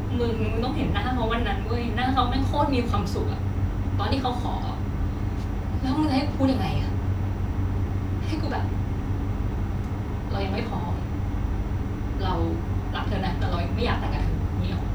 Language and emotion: Thai, sad